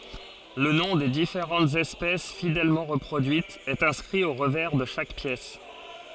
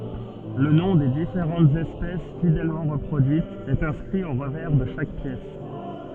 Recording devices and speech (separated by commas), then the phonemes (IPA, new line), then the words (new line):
forehead accelerometer, soft in-ear microphone, read sentence
lə nɔ̃ de difeʁɑ̃tz ɛspɛs fidɛlmɑ̃ ʁəpʁodyitz ɛt ɛ̃skʁi o ʁəvɛʁ də ʃak pjɛs
Le nom des différentes espèces, fidèlement reproduites, est inscrit au revers de chaque pièce.